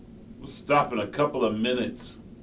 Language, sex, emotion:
English, male, angry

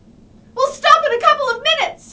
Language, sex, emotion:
English, female, angry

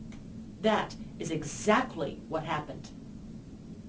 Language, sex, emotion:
English, female, angry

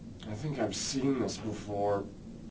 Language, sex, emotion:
English, male, disgusted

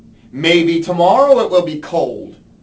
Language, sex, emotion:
English, male, disgusted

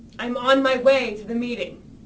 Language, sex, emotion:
English, female, angry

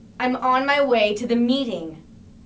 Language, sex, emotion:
English, female, angry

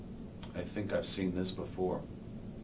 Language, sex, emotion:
English, male, neutral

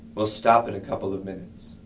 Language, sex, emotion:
English, male, neutral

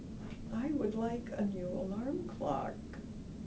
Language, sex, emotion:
English, female, sad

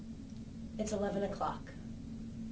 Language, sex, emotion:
English, female, neutral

